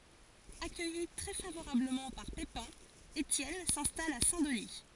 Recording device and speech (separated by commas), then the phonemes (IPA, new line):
forehead accelerometer, read sentence
akœji tʁɛ favoʁabləmɑ̃ paʁ pepɛ̃ etjɛn sɛ̃stal a sɛ̃ dəni